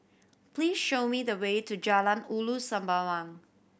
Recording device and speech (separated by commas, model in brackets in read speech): boundary microphone (BM630), read sentence